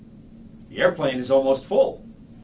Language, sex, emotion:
English, male, happy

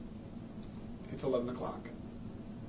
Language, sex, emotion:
English, male, neutral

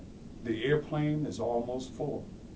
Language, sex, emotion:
English, male, neutral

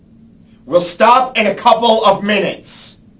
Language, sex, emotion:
English, male, angry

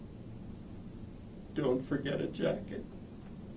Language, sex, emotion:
English, male, sad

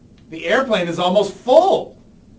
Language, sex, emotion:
English, male, disgusted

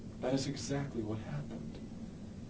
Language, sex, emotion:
English, male, sad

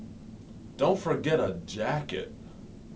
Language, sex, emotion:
English, male, neutral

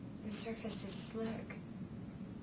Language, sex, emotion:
English, female, neutral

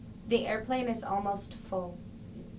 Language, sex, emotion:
English, female, neutral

